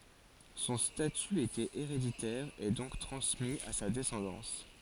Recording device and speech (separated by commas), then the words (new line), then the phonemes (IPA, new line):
forehead accelerometer, read sentence
Son statut était héréditaire et donc transmis à sa descendance.
sɔ̃ staty etɛt eʁeditɛʁ e dɔ̃k tʁɑ̃smi a sa dɛsɑ̃dɑ̃s